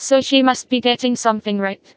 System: TTS, vocoder